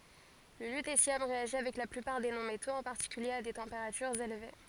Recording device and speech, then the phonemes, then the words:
forehead accelerometer, read sentence
lə lytesjɔm ʁeaʒi avɛk la plypaʁ de nɔ̃ metoz ɑ̃ paʁtikylje a de tɑ̃peʁatyʁz elve
Le lutécium réagit avec la plupart des non-métaux, en particulier à des températures élevées.

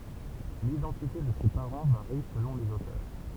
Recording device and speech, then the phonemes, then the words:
temple vibration pickup, read sentence
lidɑ̃tite də se paʁɑ̃ vaʁi səlɔ̃ lez otœʁ
L’identité de ses parents varie selon les auteurs.

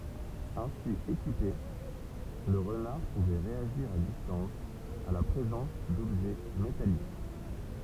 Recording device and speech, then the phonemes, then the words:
temple vibration pickup, read sentence
ɛ̃si ekipe lə ʁənaʁ puvɛ ʁeaʒiʁ a distɑ̃s a la pʁezɑ̃s dɔbʒɛ metalik
Ainsi équipé, le renard pouvait réagir à distance à la présence d'objets métalliques.

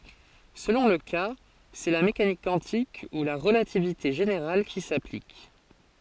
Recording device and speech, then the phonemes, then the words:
forehead accelerometer, read sentence
səlɔ̃ lə ka sɛ la mekanik kwɑ̃tik u la ʁəlativite ʒeneʁal ki saplik
Selon le cas, c'est la mécanique quantique ou la relativité générale qui s'applique.

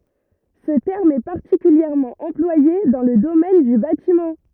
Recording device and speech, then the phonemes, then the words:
rigid in-ear microphone, read sentence
sə tɛʁm ɛ paʁtikyljɛʁmɑ̃ ɑ̃plwaje dɑ̃ lə domɛn dy batimɑ̃
Ce terme est particulièrement employé dans le domaine du bâtiment.

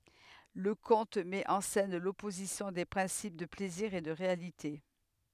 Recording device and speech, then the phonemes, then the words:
headset microphone, read sentence
lə kɔ̃t mɛt ɑ̃ sɛn lɔpozisjɔ̃ de pʁɛ̃sip də plɛziʁ e də ʁealite
Le conte met en scène l'opposition des principes de plaisir et de réalité.

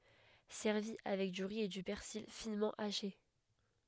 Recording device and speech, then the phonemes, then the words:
headset microphone, read sentence
sɛʁvi avɛk dy ʁi e dy pɛʁsil finmɑ̃ aʃe
Servi avec du riz et du persil finement haché.

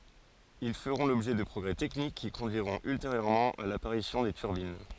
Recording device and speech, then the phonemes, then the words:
forehead accelerometer, read sentence
il fəʁɔ̃ lɔbʒɛ də pʁɔɡʁɛ tɛknik ki kɔ̃dyiʁɔ̃t ylteʁjøʁmɑ̃ a lapaʁisjɔ̃ de tyʁbin
Ils feront l'objet de progrès techniques qui conduiront ultérieurement à l'apparition des turbines.

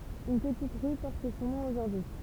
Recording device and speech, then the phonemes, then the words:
temple vibration pickup, read sentence
yn pətit ʁy pɔʁt sɔ̃ nɔ̃ oʒuʁdyi
Une petite rue porte son nom aujourd'hui.

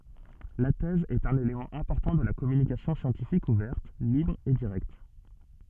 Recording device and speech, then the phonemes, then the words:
soft in-ear microphone, read sentence
la tɛz ɛt œ̃n elemɑ̃ ɛ̃pɔʁtɑ̃ də la kɔmynikasjɔ̃ sjɑ̃tifik uvɛʁt libʁ e diʁɛkt
La thèse est un élément important de la communication scientifique ouverte, libre et directe.

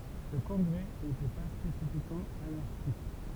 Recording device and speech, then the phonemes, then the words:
temple vibration pickup, read sentence
sə kɔ̃ɡʁɛ netɛ pa spesifikmɑ̃ anaʁʃist
Ce congrès n'était pas spécifiquement anarchiste.

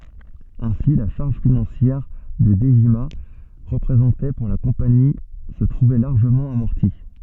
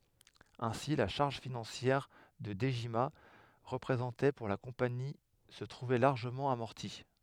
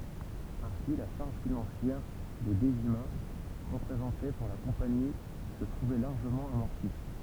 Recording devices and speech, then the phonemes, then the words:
soft in-ear microphone, headset microphone, temple vibration pickup, read sentence
ɛ̃si la ʃaʁʒ finɑ̃sjɛʁ kə dəʒima ʁəpʁezɑ̃tɛ puʁ la kɔ̃pani sə tʁuvɛ laʁʒəmɑ̃ amɔʁti
Ainsi, la charge financière que Dejima représentait pour la compagnie se trouvait largement amortie.

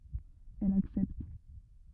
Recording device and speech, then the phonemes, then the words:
rigid in-ear microphone, read sentence
ɛl aksɛpt
Elle accepte.

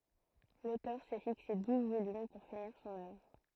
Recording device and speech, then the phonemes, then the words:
throat microphone, read sentence
lotœʁ sɛ fikse duz volym puʁ finiʁ sɔ̃n œvʁ
L'auteur s'est fixé douze volumes pour finir son œuvre.

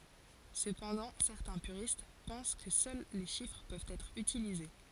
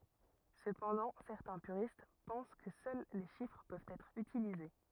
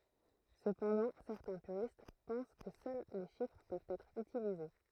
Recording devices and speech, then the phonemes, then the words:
forehead accelerometer, rigid in-ear microphone, throat microphone, read sentence
səpɑ̃dɑ̃ sɛʁtɛ̃ pyʁist pɑ̃s kə sœl le ʃifʁ pøvt ɛtʁ ytilize
Cependant, certains puristes pensent que seuls les chiffres peuvent être utilisés.

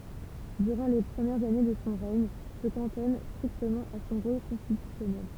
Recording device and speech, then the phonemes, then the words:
temple vibration pickup, read sentence
dyʁɑ̃ le pʁəmjɛʁz ane də sɔ̃ ʁɛɲ sə kɑ̃tɔn stʁiktəmɑ̃ a sɔ̃ ʁol kɔ̃stitysjɔnɛl
Durant les premières années de son règne, se cantonne strictement à son rôle constitutionnel.

